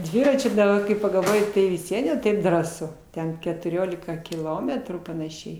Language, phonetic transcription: Lithuanian, ˈdviračiu daˈba kai pagalˈvoji tai vis ˈvien jau ˈtaip ˈdrąsu ˈten ketuˈriolika kiˈlometrų panaˈšiai

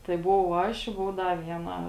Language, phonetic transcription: Lithuanian, tai buˈvau ˈaš i ˈbuvu ˈda ˈvieˌna

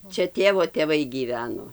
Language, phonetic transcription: Lithuanian, ˈčia ˈtėvo tėˈvai gyˈveno

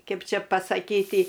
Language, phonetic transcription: Lithuanian, ˈkep ˈčia pasaˈkyti

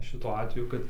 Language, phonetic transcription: Lithuanian, ˈšituo ˈatveju kad

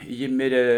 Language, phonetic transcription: Lithuanian, ˈji ˈmirė

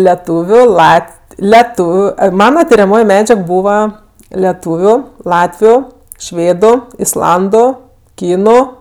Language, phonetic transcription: Lithuanian, leˈtūviu ˈlat leˈtūviu ˈai ˈmana tiriaˈmoj ˈmedžiag ˈbūva leˈtūviu ˈlatviu ˈšvėdu isˈlandu ˈkynu

